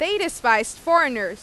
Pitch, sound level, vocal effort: 260 Hz, 96 dB SPL, loud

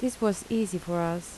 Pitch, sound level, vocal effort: 190 Hz, 76 dB SPL, soft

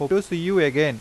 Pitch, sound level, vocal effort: 170 Hz, 90 dB SPL, normal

